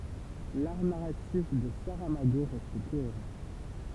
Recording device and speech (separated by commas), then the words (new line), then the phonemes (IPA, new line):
temple vibration pickup, read sentence
L'art narratif de Saramago reste cohérent.
laʁ naʁatif də saʁamaɡo ʁɛst koeʁɑ̃